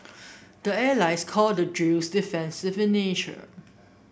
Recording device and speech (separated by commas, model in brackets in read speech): boundary microphone (BM630), read sentence